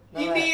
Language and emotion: Thai, neutral